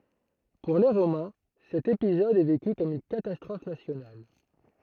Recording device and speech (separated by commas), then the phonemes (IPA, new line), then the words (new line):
throat microphone, read sentence
puʁ le ʁomɛ̃ sɛt epizɔd ɛ veky kɔm yn katastʁɔf nasjonal
Pour les Romains, cet épisode est vécu comme une catastrophe nationale.